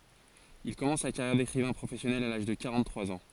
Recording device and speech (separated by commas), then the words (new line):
forehead accelerometer, read sentence
Il commence sa carrière d’écrivain professionnel à l’âge de quarante-trois ans.